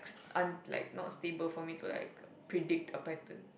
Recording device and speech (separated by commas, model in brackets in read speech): boundary microphone, conversation in the same room